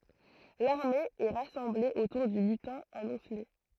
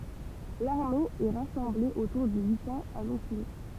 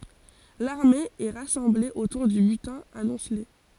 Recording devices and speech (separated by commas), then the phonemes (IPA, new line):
throat microphone, temple vibration pickup, forehead accelerometer, read sentence
laʁme ɛ ʁasɑ̃ble otuʁ dy bytɛ̃ amɔ̃sle